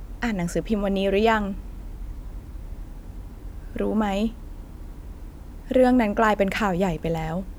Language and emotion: Thai, sad